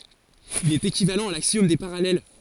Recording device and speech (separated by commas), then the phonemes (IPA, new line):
forehead accelerometer, read sentence
il ɛt ekivalɑ̃ a laksjɔm de paʁalɛl